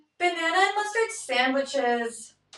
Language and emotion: English, sad